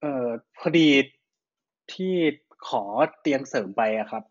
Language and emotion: Thai, frustrated